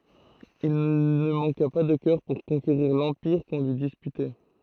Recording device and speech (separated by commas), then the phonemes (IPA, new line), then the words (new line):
throat microphone, read sentence
il nə mɑ̃ka pa də kœʁ puʁ kɔ̃keʁiʁ lɑ̃piʁ kɔ̃ lyi dispytɛ
Il ne manqua pas de cœur pour conquérir l’empire qu’on lui disputait.